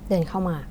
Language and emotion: Thai, neutral